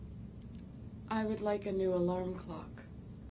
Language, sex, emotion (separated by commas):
English, female, neutral